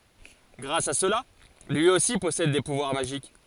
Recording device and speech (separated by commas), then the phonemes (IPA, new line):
forehead accelerometer, read sentence
ɡʁas a səla lyi osi pɔsɛd de puvwaʁ maʒik